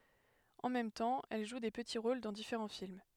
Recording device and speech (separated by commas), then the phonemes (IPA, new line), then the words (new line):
headset microphone, read sentence
ɑ̃ mɛm tɑ̃ ɛl ʒu de pəti ʁol dɑ̃ difeʁɑ̃ film
En même temps, elle joue des petits rôles dans différents films.